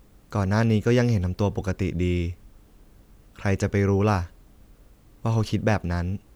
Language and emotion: Thai, neutral